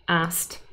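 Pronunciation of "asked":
In 'asked', the k is dropped to make the word easier to say, and the ending is a t sound.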